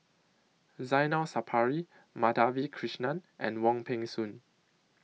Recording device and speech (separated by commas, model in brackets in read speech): mobile phone (iPhone 6), read sentence